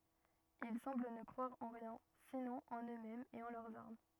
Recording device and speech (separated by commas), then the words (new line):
rigid in-ear microphone, read sentence
Ils semblent ne croire en rien, sinon en eux-mêmes et en leurs armes.